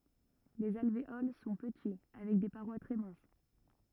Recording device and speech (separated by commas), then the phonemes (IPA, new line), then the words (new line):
rigid in-ear microphone, read sentence
lez alveol sɔ̃ pəti avɛk de paʁwa tʁɛ mɛ̃s
Les alvéoles sont petits avec des parois très minces.